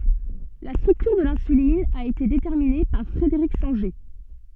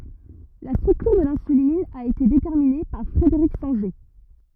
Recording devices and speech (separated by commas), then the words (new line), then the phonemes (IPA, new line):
soft in-ear microphone, rigid in-ear microphone, read sentence
La structure de l'insuline a été déterminée par Frederick Sanger.
la stʁyktyʁ də lɛ̃sylin a ete detɛʁmine paʁ fʁədəʁik sɑ̃ʒe